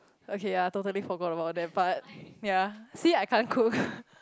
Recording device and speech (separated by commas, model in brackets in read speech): close-talking microphone, conversation in the same room